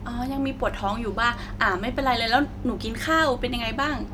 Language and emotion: Thai, neutral